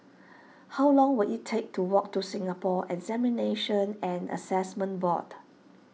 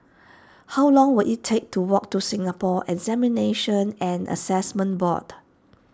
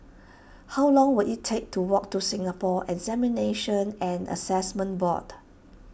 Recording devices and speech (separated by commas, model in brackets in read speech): mobile phone (iPhone 6), standing microphone (AKG C214), boundary microphone (BM630), read sentence